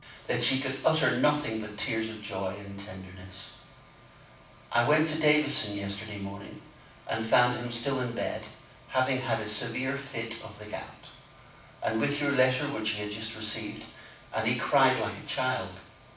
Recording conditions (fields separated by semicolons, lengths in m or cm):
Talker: one person; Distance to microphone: 5.8 m; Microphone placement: far; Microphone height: 1.8 m; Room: medium-sized (5.7 m by 4.0 m); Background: none